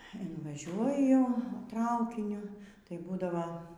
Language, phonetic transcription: Lithuanian, invaˈžiuoju ˈtraukiniu tai ˈbūdavo

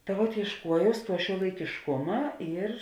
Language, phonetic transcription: Lithuanian, ta vuot iešˈkuojaus ˈtuo šiuolaikišˈkuma ir

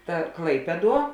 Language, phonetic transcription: Lithuanian, ˈta ˈklaipieˌduo

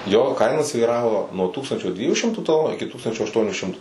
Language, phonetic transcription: Lithuanian, jo ˈkaina svyˈravo nuo ˈtūkstančio ˈdviejų ˈšimtų taˈlonų iki ˈtūkstančio ašˈtuoniu ˈšimtu

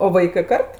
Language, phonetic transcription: Lithuanian, o ˈvaikɜ ˈkart

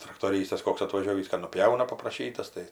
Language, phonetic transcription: Lithuanian, traktoˈrystas ˈkoks atvaˈžiovįs ka nuˈpjauna papraˈšytas tai

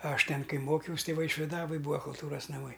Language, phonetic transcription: Lithuanian, ˈaš ˈten ˈkai ˈmokiaus' ˈtai vaišviˈdavoj ˈbūa kulˈtūras naˈmai

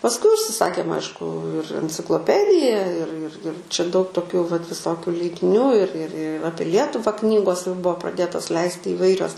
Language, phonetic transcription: Lithuanian, pasˈkui užsiˈsakėm ˈaišku ir encikloˈpedija ir ir ir čia daug toˈkiu vat viˈsokiu leidiˈnių ir ir ˈapie ˈlietuva ˈknygos jau ˈbuvo praˈdėtos ˈleisti įˈvairios

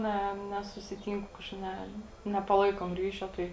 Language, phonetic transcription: Lithuanian, ˈne nesusiˈtynku ˈkažkaip ˈne nepaˈlaikom ˈryšio ˈtai

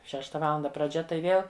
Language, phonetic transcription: Lithuanian, ˈšešta ˈvalanda praˈdžia tai ˈvėl

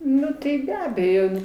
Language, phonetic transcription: Lithuanian, ˈnu tai be ˈabejo

